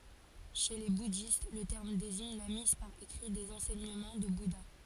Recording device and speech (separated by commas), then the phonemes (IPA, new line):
forehead accelerometer, read sentence
ʃe le budist lə tɛʁm deziɲ la miz paʁ ekʁi dez ɑ̃sɛɲəmɑ̃ dy buda